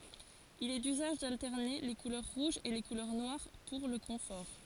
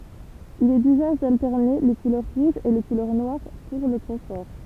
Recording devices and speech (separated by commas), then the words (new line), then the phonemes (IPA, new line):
forehead accelerometer, temple vibration pickup, read sentence
Il est d'usage d'alterner les couleurs rouges et les couleurs noires pour le confort.
il ɛ dyzaʒ daltɛʁne le kulœʁ ʁuʒz e le kulœʁ nwaʁ puʁ lə kɔ̃fɔʁ